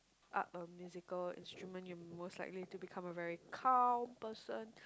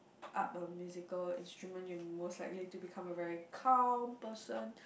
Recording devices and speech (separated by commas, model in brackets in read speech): close-talking microphone, boundary microphone, conversation in the same room